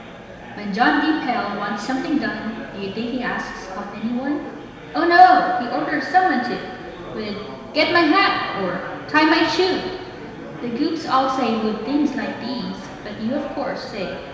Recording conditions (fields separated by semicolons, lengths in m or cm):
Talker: one person; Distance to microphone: 1.7 m; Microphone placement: close; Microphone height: 1.0 m; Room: very reverberant, large; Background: babble